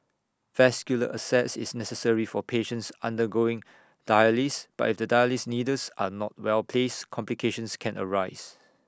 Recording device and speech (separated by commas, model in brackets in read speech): standing microphone (AKG C214), read sentence